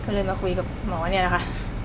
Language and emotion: Thai, neutral